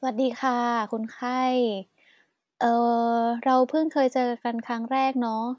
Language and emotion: Thai, neutral